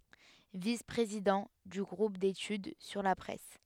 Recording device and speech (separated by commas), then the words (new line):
headset microphone, read sentence
Vice-président du groupe d'études sur la presse.